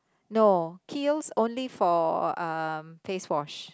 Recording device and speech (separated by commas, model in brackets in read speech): close-talking microphone, conversation in the same room